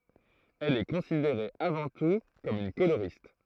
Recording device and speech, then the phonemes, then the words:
throat microphone, read sentence
ɛl ɛ kɔ̃sideʁe avɑ̃ tu kɔm yn koloʁist
Elle est considérée avant tout comme une coloriste.

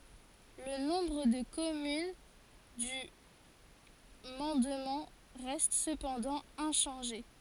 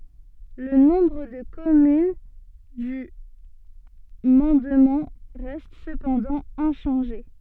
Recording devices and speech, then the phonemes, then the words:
forehead accelerometer, soft in-ear microphone, read sentence
lə nɔ̃bʁ də kɔmyn dy mɑ̃dmɑ̃ ʁɛst səpɑ̃dɑ̃ ɛ̃ʃɑ̃ʒe
Le nombre de communes du mandement reste cependant inchangé.

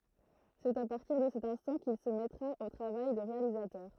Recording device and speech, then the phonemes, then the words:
throat microphone, read sentence
sɛt a paʁtiʁ də sɛt ɛ̃stɑ̃ kil sə mɛtʁa o tʁavaj də ʁealizatœʁ
C'est à partir de cet instant qu'il se mettra au travail de réalisateur.

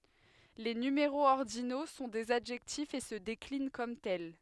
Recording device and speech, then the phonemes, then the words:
headset microphone, read sentence
le nymeʁoz ɔʁdino sɔ̃ dez adʒɛktifz e sə deklin kɔm tɛl
Les numéraux ordinaux sont des adjectifs et se déclinent comme tels.

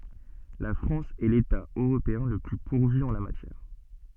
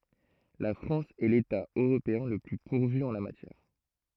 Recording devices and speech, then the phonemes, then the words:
soft in-ear microphone, throat microphone, read sentence
la fʁɑ̃s ɛ leta øʁopeɛ̃ lə ply puʁvy ɑ̃ la matjɛʁ
La France est l'État européen le plus pourvu en la matière.

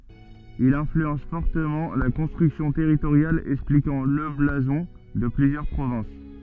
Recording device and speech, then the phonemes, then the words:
soft in-ear microphone, read sentence
il ɛ̃flyɑ̃s fɔʁtəmɑ̃ la kɔ̃stʁyksjɔ̃ tɛʁitoʁjal ɛksplikɑ̃ lə blazɔ̃ də plyzjœʁ pʁovɛ̃s
Il influence fortement la construction territoriale, expliquant le blason de plusieurs provinces.

